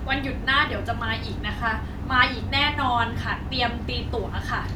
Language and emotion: Thai, happy